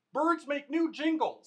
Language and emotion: English, happy